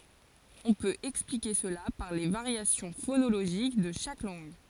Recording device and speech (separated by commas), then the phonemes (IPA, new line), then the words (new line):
forehead accelerometer, read sentence
ɔ̃ pøt ɛksplike səla paʁ le vaʁjasjɔ̃ fonoloʒik də ʃak lɑ̃ɡ
On peut expliquer cela par les variations phonologiques de chaque langue.